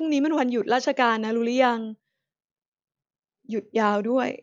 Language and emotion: Thai, sad